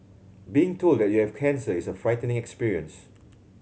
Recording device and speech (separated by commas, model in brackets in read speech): mobile phone (Samsung C7100), read sentence